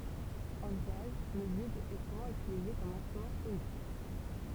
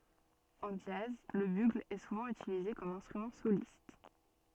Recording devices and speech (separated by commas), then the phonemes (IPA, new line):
temple vibration pickup, soft in-ear microphone, read sentence
ɑ̃ dʒaz lə byɡl ɛ suvɑ̃ ytilize kɔm ɛ̃stʁymɑ̃ solist